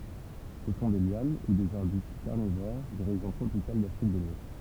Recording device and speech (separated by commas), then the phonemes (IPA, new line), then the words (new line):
temple vibration pickup, read sentence
sə sɔ̃ de ljan u dez aʁbyst kaʁnivoʁ de ʁeʒjɔ̃ tʁopikal dafʁik də lwɛst
Ce sont des lianes ou des arbustes carnivores, des régions tropicales d'Afrique de l'Ouest.